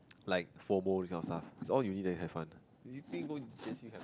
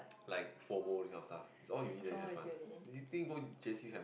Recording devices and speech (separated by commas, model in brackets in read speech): close-talking microphone, boundary microphone, conversation in the same room